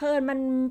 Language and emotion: Thai, neutral